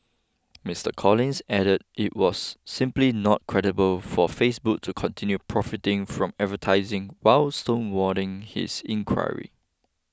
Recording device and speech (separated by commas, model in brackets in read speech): close-talking microphone (WH20), read sentence